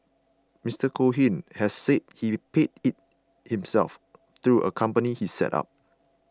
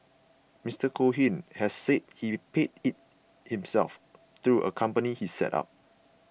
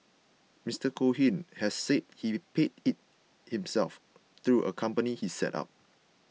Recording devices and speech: close-talking microphone (WH20), boundary microphone (BM630), mobile phone (iPhone 6), read sentence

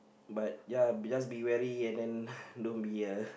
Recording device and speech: boundary microphone, conversation in the same room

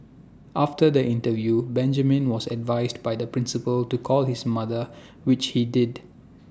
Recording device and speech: standing microphone (AKG C214), read sentence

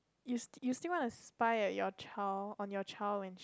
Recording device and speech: close-talking microphone, conversation in the same room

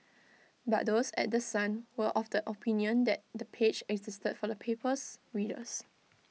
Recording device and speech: mobile phone (iPhone 6), read sentence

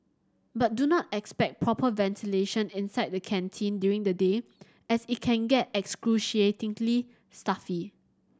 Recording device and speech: standing microphone (AKG C214), read sentence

